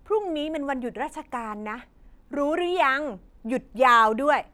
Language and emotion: Thai, frustrated